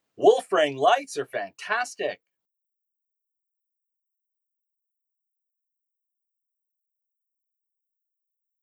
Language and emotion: English, surprised